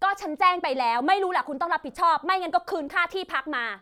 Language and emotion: Thai, angry